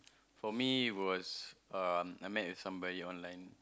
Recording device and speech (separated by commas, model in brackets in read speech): close-talking microphone, conversation in the same room